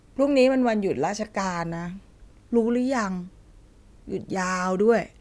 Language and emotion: Thai, frustrated